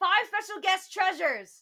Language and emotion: English, angry